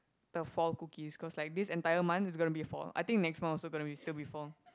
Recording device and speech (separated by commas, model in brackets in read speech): close-talking microphone, conversation in the same room